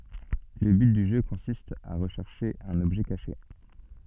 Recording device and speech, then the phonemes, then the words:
soft in-ear microphone, read sentence
lə byt dy ʒø kɔ̃sist a ʁəʃɛʁʃe œ̃n ɔbʒɛ kaʃe
Le but du jeu consiste à rechercher un objet caché.

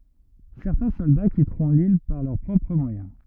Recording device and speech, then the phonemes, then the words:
rigid in-ear microphone, read sentence
sɛʁtɛ̃ sɔlda kitʁɔ̃ lil paʁ lœʁ pʁɔpʁ mwajɛ̃
Certains soldats quitteront l'île par leurs propres moyens.

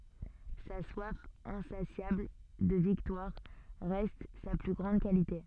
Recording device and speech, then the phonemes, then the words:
soft in-ear microphone, read sentence
sa swaf ɛ̃sasjabl də viktwaʁ ʁɛst sa ply ɡʁɑ̃d kalite
Sa soif insatiable de victoire reste sa plus grande qualité.

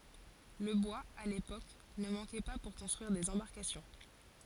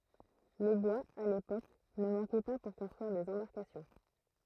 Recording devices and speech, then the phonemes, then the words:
forehead accelerometer, throat microphone, read sentence
lə bwaz a lepok nə mɑ̃kɛ pa puʁ kɔ̃stʁyiʁ dez ɑ̃baʁkasjɔ̃
Le bois, à l’époque, ne manquait pas pour construire des embarcations.

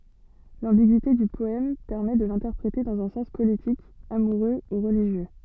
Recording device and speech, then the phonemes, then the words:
soft in-ear microphone, read sentence
lɑ̃biɡyite dy pɔɛm pɛʁmɛ də lɛ̃tɛʁpʁete dɑ̃z œ̃ sɑ̃s politik amuʁø u ʁəliʒjø
L'ambiguïté du poème permet de l'interpréter dans un sens politique, amoureux ou religieux.

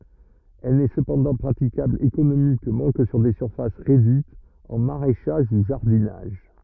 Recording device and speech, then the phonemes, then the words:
rigid in-ear microphone, read sentence
ɛl nɛ səpɑ̃dɑ̃ pʁatikabl ekonomikmɑ̃ kə syʁ de syʁfas ʁedyitz ɑ̃ maʁɛʃaʒ u ʒaʁdinaʒ
Elle n'est cependant praticable économiquement que sur des surfaces réduites, en maraîchage ou jardinage.

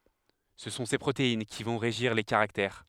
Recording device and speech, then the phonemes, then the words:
headset microphone, read sentence
sə sɔ̃ se pʁotein ki vɔ̃ ʁeʒiʁ le kaʁaktɛʁ
Ce sont ces protéines qui vont régir les caractères.

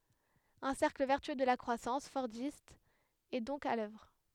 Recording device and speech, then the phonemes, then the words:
headset microphone, read sentence
œ̃ sɛʁkl vɛʁtyø də la kʁwasɑ̃s fɔʁdist ɛ dɔ̃k a lœvʁ
Un cercle vertueux de la croissance fordiste est donc à l'œuvre.

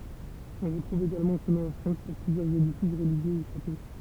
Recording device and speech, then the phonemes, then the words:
temple vibration pickup, read sentence
ɔ̃ ʁətʁuv eɡalmɑ̃ sə nɔ̃ ɑ̃ fʁɑ̃s puʁ plyzjœʁz edifis ʁəliʒjø u ʃato
On retrouve également ce nom en France pour plusieurs édifices religieux ou châteaux.

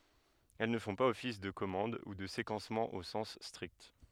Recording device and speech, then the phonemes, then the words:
headset microphone, read sentence
ɛl nə fɔ̃ paz ɔfis də kɔmɑ̃d u də sekɑ̃smɑ̃ o sɑ̃s stʁikt
Elles ne font pas office de commande ou de séquencement au sens strict.

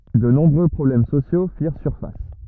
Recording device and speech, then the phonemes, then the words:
rigid in-ear microphone, read sentence
də nɔ̃bʁø pʁɔblɛm sosjo fiʁ syʁfas
De nombreux problèmes sociaux firent surface.

